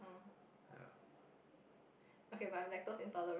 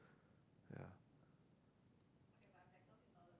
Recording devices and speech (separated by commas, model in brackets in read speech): boundary microphone, close-talking microphone, conversation in the same room